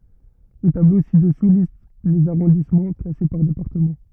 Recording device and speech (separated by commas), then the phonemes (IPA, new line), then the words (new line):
rigid in-ear microphone, read sentence
lə tablo si dəsu list lez aʁɔ̃dismɑ̃ klase paʁ depaʁtəmɑ̃
Le tableau ci-dessous liste les arrondissements, classés par département.